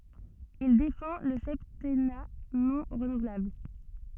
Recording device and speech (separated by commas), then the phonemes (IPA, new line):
soft in-ear microphone, read sentence
il defɑ̃ lə sɛptɛna nɔ̃ ʁənuvlabl